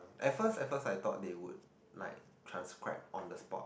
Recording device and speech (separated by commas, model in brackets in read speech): boundary microphone, conversation in the same room